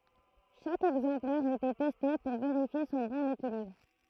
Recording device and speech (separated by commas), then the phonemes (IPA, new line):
throat microphone, read sentence
ʃak ɛɡzɑ̃plɛʁ etɛ tɛste puʁ veʁifje sɔ̃ bɔ̃n ekilibʁ